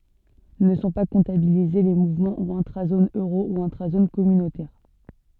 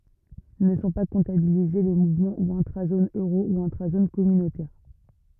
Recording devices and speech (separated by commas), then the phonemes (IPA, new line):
soft in-ear microphone, rigid in-ear microphone, read sentence
nə sɔ̃ pa kɔ̃tabilize le muvmɑ̃ u ɛ̃tʁazon øʁo u ɛ̃tʁazon kɔmynotɛʁ